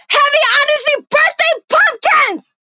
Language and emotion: English, disgusted